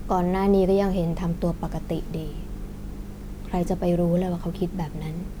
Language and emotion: Thai, frustrated